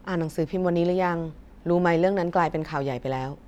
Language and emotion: Thai, neutral